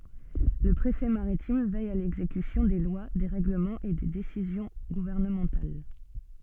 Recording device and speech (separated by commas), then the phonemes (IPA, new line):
soft in-ear microphone, read sentence
lə pʁefɛ maʁitim vɛj a lɛɡzekysjɔ̃ de lwa de ʁɛɡləmɑ̃z e de desizjɔ̃ ɡuvɛʁnəmɑ̃tal